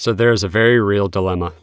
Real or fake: real